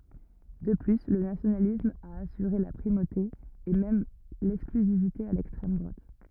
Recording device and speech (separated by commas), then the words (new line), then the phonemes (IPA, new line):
rigid in-ear microphone, read sentence
De plus, le nationalisme a assuré la primauté et même l’exclusivité à l'extrême droite.
də ply lə nasjonalism a asyʁe la pʁimote e mɛm lɛksklyzivite a lɛkstʁɛm dʁwat